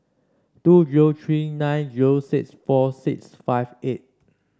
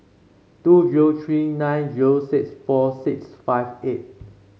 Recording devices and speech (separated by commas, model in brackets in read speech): standing microphone (AKG C214), mobile phone (Samsung C5), read sentence